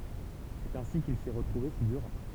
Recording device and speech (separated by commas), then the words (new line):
temple vibration pickup, read sentence
C'est ainsi qu'il s'est retrouvé figurant.